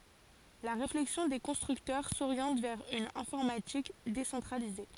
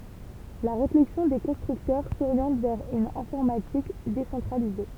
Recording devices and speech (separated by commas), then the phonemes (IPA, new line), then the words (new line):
forehead accelerometer, temple vibration pickup, read sentence
la ʁeflɛksjɔ̃ de kɔ̃stʁyktœʁ soʁjɑ̃t vɛʁ yn ɛ̃fɔʁmatik desɑ̃tʁalize
La réflexion des constructeurs s'oriente vers une informatique décentralisée.